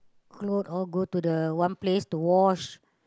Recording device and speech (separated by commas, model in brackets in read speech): close-talking microphone, conversation in the same room